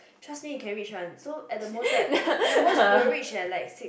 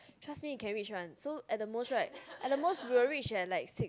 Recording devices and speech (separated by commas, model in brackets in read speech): boundary microphone, close-talking microphone, conversation in the same room